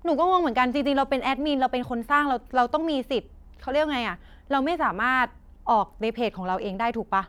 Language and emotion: Thai, frustrated